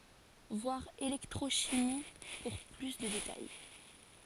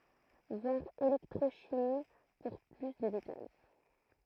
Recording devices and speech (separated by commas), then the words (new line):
forehead accelerometer, throat microphone, read sentence
Voir électrochimie pour plus de détails.